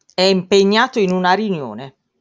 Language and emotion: Italian, angry